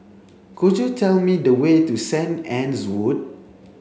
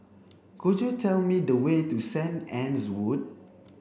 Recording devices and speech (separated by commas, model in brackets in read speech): mobile phone (Samsung C7), boundary microphone (BM630), read sentence